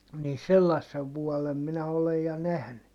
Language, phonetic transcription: Finnish, nii sellassev vuɔlem minä olej ja nähny .
- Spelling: niin sellaisen vuoden minä olen ja nähnyt

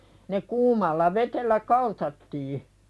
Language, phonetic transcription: Finnish, ne 'kuumalla vetellä "kaltattii .
- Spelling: ne kuumalla vedellä kaltattiin

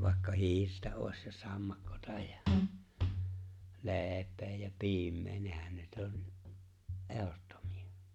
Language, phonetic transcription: Finnish, vàekka "hi̬irtä òes ja 'sammakkota ja , 'le̬e̬p̀ee ja 'piim̀ee , 'nehän nyt '’on , '’ehottomi₍a .
- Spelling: vaikka hiirtä olisi ja sammakkoa ja leipää ja piimää nehän nyt on ehdottomia

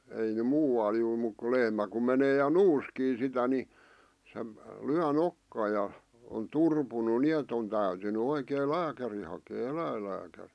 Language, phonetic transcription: Finnish, 'ei ne 'muu₍al juu(r) muk ku 'lehmä ku menee ja "nuuskii sitä ni , se , 'lyä "nokkaa ja , on 'turpunu "ni₍et ‿on täytyny 'oikee "lääkäri hakee 'eläillääkärɪ .
- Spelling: ei ne muualle juuri mutta kun lehmä kun menee ja nuuskii sitä niin se lyö nokkaan ja on turpunut niin että on täytynyt oikein lääkäri hakea eläinlääkäri

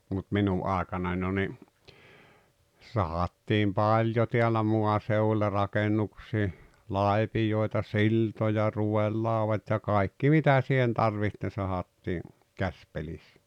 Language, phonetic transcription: Finnish, mut 'minu’ ’àekanah jo ni , 'sahattiim "paĺjo teälä 'moaseuwuĺĺa 'rakenuksii , "laepijòeta "siltoja 'ruwellàuvat́ ja 'kai̬kki 'mitä sihen 'tarviht ne 'sahattii , "käspelissᴀ̈ .
- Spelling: mutta minun aikana jo niin sahattiin paljon täällä maaseudulla rakennuksiin lapioita siltoja ruodelaudat ja kaikki mitä siihen tarvitsi ne sahattiin käsipelissä

